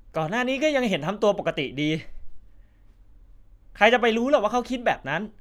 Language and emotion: Thai, frustrated